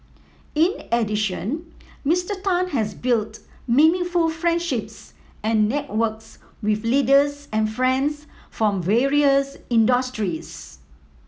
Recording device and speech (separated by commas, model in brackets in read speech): mobile phone (iPhone 7), read sentence